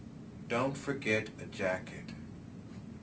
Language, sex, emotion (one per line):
English
male
neutral